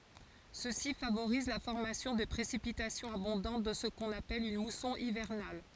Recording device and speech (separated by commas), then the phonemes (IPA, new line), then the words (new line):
forehead accelerometer, read sentence
səsi favoʁiz la fɔʁmasjɔ̃ də pʁesipitasjɔ̃z abɔ̃dɑ̃t dɑ̃ sə kɔ̃n apɛl yn musɔ̃ ivɛʁnal
Ceci favorise la formation de précipitations abondantes dans ce qu'on appelle une mousson hivernale.